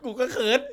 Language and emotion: Thai, happy